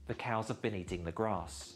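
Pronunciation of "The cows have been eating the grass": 'The cows have been eating the grass' is said a little slowly and deliberately, not at normal speaking speed.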